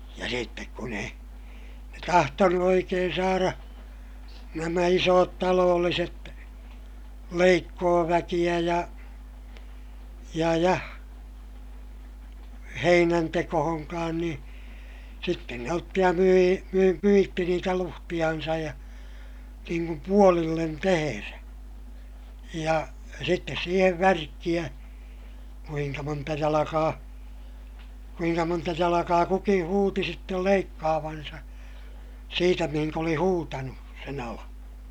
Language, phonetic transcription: Finnish, ja sittek kun ‿ei , ne tahtonu oikeen saara , nämä isoot taloolliset , leikkooväkiʲä ja , ja ja , heinäntekohoŋkaan niḭ , sitten ne otti ja my₍ii , myi - myitti niitä luhtiʲansaj ja , niiŋ kum puolillen teherä , ja , sittes siihev värkkiʲä , kuiŋka monta jalakaa , kuiŋka monta jalakaa kukiḭ huuti sittel leikkaavansa , siitä mihiŋk ‿oli huutanu , sen ‿alaa̰ .
- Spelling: ja sitten kun ei ne tahtonut oikein saada nämä isot talolliset leikkuuväkeä ja ja ja heinäntekoonkaan niin sitten ne otti ja myi - myi niitä luhtejansa ja niin kuin puolille tehdä ja sitten siihen värkkejä kuinka monta jalkaa kuinka monta jalkaa kukin huusi sitten leikkaavansa siitä mihin oli huutanut sen alan

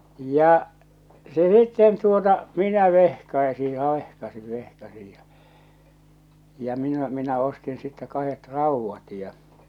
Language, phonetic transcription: Finnish, 'ja , se sitten tuota , minä 'vehkai̬si ja 'vehkasin 'vehkasij ja , ja minä , minä ostin sittä 'kahet "rauvvat ja .
- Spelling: ja se sitten tuota minä vehkaisin ja vehkaisin vehkaisin ja ja minä minä ostin sitten kahdet raudat ja

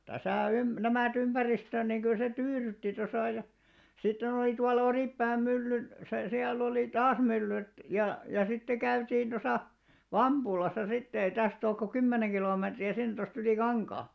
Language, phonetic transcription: Finnish, täsä̀ 'ym- , 'nämä̀'t ‿ympäristö̀n niŋ ɢyl se 'tyyrytti tosà ja , 'sitten ‿oli tual̆la 'Orìppääm 'myllyn , se siäl'l ‿olì "taas 'myllyt ja , ja sitte 'käytiin tosa , "Vamʙulasa sitte ei 'täst ‿ook ko 'kymmeneŋ ɢilomètri₍ä 'sin tost ‿yli "kaŋkaa .
- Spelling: tässä - nämä ympäristön niin kyllä se tyydytti tuossa ja sitten oli tuolla Oripään myllyn se siellä oli taas myllyt ja ja sitten käytiin tuossa Vampulassa sitten ei tästä ole kuin kymmenen kilometriä sinne tuosta yli kankaan

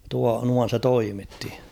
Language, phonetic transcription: Finnish, tua- 'nuan̬ se "toimitti .
- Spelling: - noin se toimitti

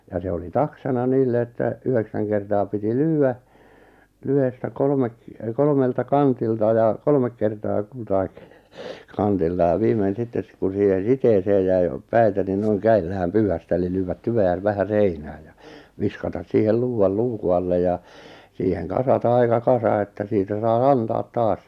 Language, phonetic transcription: Finnish, ja 'se oli "taksana 'niille että , 'yheksäŋ kertaa piti "lyy₍ä , 'lyhestä 'kolᵒmek , 'kolᵒmelta 'kantilta ja , 'kolmek kertaa 'kultaik , 'kantilta ja 'viimen̬ 'sittes , kun̬ siihe 'siteeseej jäi , 'päitä ni 'noiŋ 'käil̆lä [vä]häm 'pyyhästᵃ̈ eli 'lyyvät "tyve₍äʿnʾ 'vähä 'seinää ja , 'viskatas 'siihel 'luuʷal "luuku alle ja , 'siiheŋ "kasata 'aika "kasa että 'siitä sai "antaat "taas .
- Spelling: ja se oli taksana niille että yhdeksän kertaa piti lyödä lyhdettä kolme kolmelta kantilta ja kolme kertaa kultakin kantilta ja viimeinen sitten kun siihen siteeseen jäi päitä niin noin kädellä vähän pyyhkäistä eli lyödä tyveä vähän seinään ja viskata siihen luudalla luukun alle ja siihen kasata aika kasa että siitä sai antaa taas

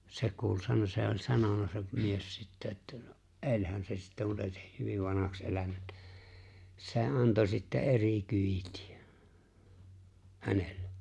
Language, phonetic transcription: Finnish, 'se kuul "sano- se o͕ĺ 'sanona se 'mies sittä että , no , "’e̬ĺhän se sittä (mutta) ei̬ sᴇ 'hyviv 'vanahaks ’elänᴀ̈ ᴇttᴀ̈ 'se̬ "anto sittä "’eri "kyitɪ₍ᴀ̈ , "hänellᴇ .
- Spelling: se kuuli - se oli sanonut se mies sitten että no eihän se sitten mutta ei se hyvin vanhaksi elänyt että se antoi sitten eri kyytiä hänelle

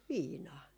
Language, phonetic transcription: Finnish, "viinaa .
- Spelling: viinaa

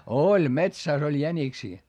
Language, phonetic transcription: Finnish, oĺ metsä̀s ‿oĺ jäniksii .
- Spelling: oli metsässä oli jäniksiä

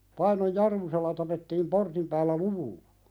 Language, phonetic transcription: Finnish, 'Painoj "Jarmusella tapettiim 'portim päällä "luvullᴀ .
- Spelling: Painon Jarmusella tapettiin portin päällä luvulla

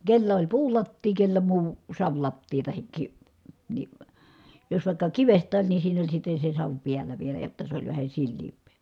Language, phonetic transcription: Finnish, kellä oĺ puulattii kellä muu , savlattii tahik ki- , ni , jos vài̮kka kivest̀ään ni siinä oĺ sitte se sav piäl̀ä vielä jotta se oĺ vähä silliimp̀ee .
- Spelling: kenellä oli puulattia kenellä muu savilattia tai - niin jos vaikka kivestä niin siinä oli sitten se savi päällä vielä jotta se oli vähän sileämpää

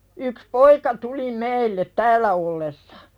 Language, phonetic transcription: Finnish, yks "poika tuli 'meillet "täällä ollessᴀ .
- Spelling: yksi poika tuli meille täällä ollessa

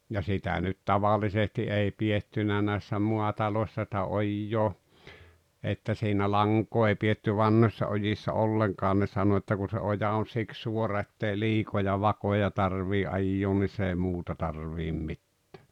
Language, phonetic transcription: Finnish, ja 'sitä nyt "tavalisesti 'ei 'piʲettynä näi̬ssä "muatalośsa ˢⁱtä 'ojjoo , että siinä "laŋk̀oo ei pietty "vanhośsa ojissa 'olleŋkaan ne 'sano että kun̬ se 'oja on 'siks 'suora ettei "liikoja "vakoja 'tar-vii '’ajjoon ni 's ‿ei "muuta 'tarviim 'mittᴀ̈ᴀ̈ .
- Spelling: ja sitä nyt tavallisesti ei pidetty näissä maataloissa sitä ojaa että siinä lankaa ei pidetty vanhoissa ojissa ollenkaan ne sanoi että kun se oja on siksi suora että ei liikoja vakoja tarvitse ajaa niin se ei muuta tarvitse mitään

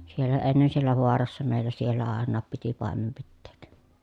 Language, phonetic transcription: Finnish, siellä ennen siellä voarassa mèi̮llä siellä àennaap piti pàemem pitteek .
- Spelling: siellä ennen siellä vaarassa meillä siellä ainakin piti paimen pitää

